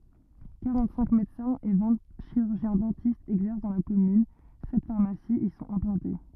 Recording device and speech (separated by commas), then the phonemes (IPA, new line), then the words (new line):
rigid in-ear microphone, read sentence
kaʁɑ̃tsɛ̃k medəsɛ̃z e vɛ̃ ʃiʁyʁʒjɛ̃zdɑ̃tistz ɛɡzɛʁs dɑ̃ la kɔmyn sɛt faʁmasiz i sɔ̃t ɛ̃plɑ̃te
Quarante-cinq médecins et vingt chirurgiens-dentistes exercent dans la commune, sept pharmacies y sont implantés.